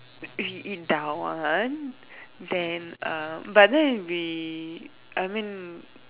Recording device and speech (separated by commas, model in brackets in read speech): telephone, conversation in separate rooms